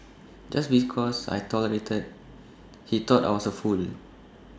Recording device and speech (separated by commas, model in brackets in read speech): standing microphone (AKG C214), read sentence